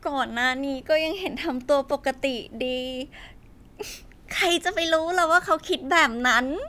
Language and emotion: Thai, happy